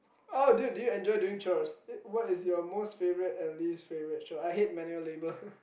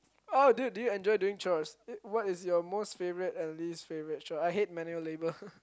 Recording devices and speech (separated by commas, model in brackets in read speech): boundary microphone, close-talking microphone, conversation in the same room